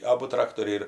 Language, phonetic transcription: Lithuanian, ˈabu ˈtraktoriai ir

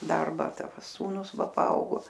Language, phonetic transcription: Lithuanian, ˈdarba ˈta ˈsūnus ˈva paˈaugo

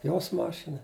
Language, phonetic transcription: Lithuanian, jos ˈmašina

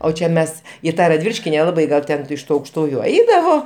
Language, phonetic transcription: Lithuanian, o ˈčia ˈmes i ˈtą radˈvyliški neˈlabai ˈgal ˈten iš ˈtų aukšˈtųju ˈaidavo

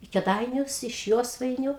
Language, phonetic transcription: Lithuanian, i keˈdainius iš ˈjosvainiu

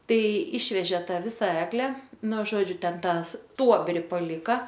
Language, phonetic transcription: Lithuanian, ˈtai ˈišvežė ˈtą ˈvisa ˈegle ˈnu ˈžodžiu ˈten ˈtą ˈstuobri paˈlika

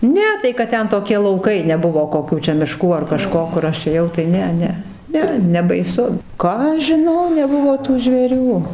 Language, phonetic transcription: Lithuanian, ˈne tai kad ˈten toˈki lauˈkai neˈbuvo koˈkių čia miˈškų ar kaˈžko kur ˈaš ėˈjau ˈtai ˈne ˈne ˈne nebaiˈsu ˈką aš žiˈnau neˈbuvo tų žvėˈrių

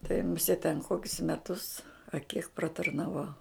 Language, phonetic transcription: Lithuanian, tai muˈsėt ten ˈkokius meˈtus a kiek pratarnaˈvau

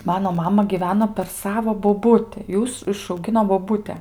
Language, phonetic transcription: Lithuanian, ˈmano ˈmama gyˈveno per ˈsavo boˈbuti ˈjūs išauˈgino boˈbute

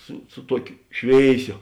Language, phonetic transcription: Lithuanian, ˈsu su ˈtuokio ˈšvėiˌsio

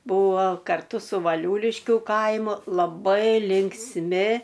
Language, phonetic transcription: Lithuanian, ˈbūvo karˈtu su vaˈliūliškiu ˈkaimu laˈbai linksˈmi

